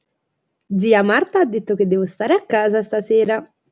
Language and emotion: Italian, happy